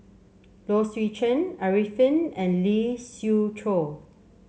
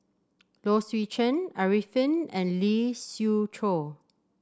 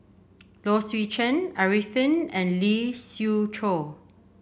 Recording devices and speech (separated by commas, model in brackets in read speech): mobile phone (Samsung C7), standing microphone (AKG C214), boundary microphone (BM630), read sentence